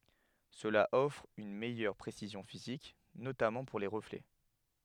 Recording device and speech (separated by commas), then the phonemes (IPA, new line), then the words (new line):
headset microphone, read sentence
səla ɔfʁ yn mɛjœʁ pʁesizjɔ̃ fizik notamɑ̃ puʁ le ʁəflɛ
Cela offre une meilleur précision physique, notamment pour les reflets.